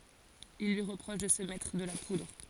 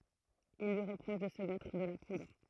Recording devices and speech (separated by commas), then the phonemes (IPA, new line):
forehead accelerometer, throat microphone, read sentence
il lyi ʁəpʁɔʃ də sə mɛtʁ də la pudʁ